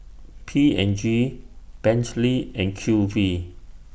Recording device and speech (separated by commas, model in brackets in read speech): boundary microphone (BM630), read sentence